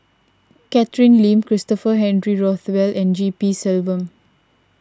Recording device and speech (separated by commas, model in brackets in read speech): standing microphone (AKG C214), read sentence